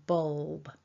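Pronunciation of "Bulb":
In 'bulb', the l and the b at the end glide together, so the ending sounds like 'orb'.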